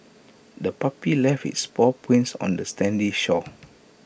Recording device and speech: boundary microphone (BM630), read sentence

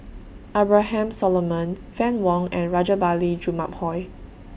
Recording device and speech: boundary microphone (BM630), read sentence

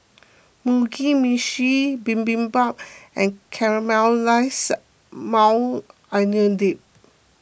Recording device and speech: boundary microphone (BM630), read sentence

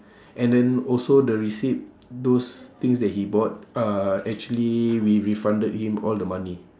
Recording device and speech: standing microphone, conversation in separate rooms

